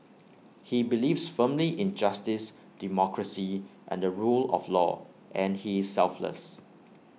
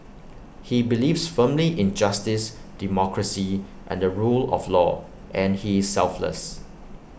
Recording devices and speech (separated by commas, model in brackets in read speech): mobile phone (iPhone 6), boundary microphone (BM630), read sentence